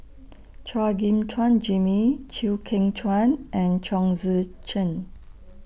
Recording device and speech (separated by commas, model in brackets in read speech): boundary microphone (BM630), read sentence